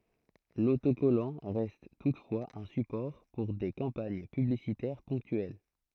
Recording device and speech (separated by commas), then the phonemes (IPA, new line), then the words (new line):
throat microphone, read sentence
lotokɔlɑ̃ ʁɛst tutfwaz œ̃ sypɔʁ puʁ de kɑ̃paɲ pyblisitɛʁ pɔ̃ktyɛl
L'autocollant reste toutefois un support pour des campagnes publicitaires ponctuelles.